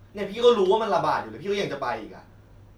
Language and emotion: Thai, angry